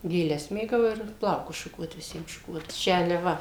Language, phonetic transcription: Lithuanian, gėˈles ˈmėgau ir ˈplaukus šuˈkuot viˈsiem šuˈkuot ˈčia ali ˈva

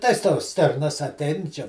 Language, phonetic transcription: Lithuanian, tais ˈtos ˈstirnas aˈtˈein čia

